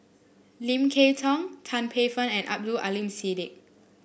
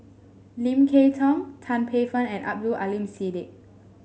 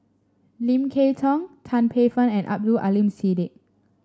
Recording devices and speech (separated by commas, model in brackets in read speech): boundary microphone (BM630), mobile phone (Samsung S8), standing microphone (AKG C214), read sentence